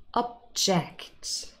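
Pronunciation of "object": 'Object' is said as the verb, not the noun, with the stress on the second syllable.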